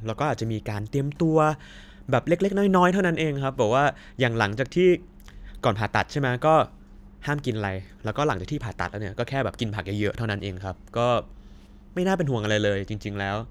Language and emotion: Thai, neutral